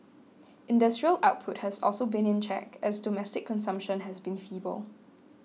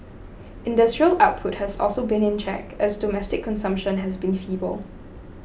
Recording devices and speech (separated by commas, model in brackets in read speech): mobile phone (iPhone 6), boundary microphone (BM630), read sentence